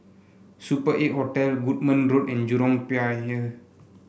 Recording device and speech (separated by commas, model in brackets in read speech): boundary microphone (BM630), read sentence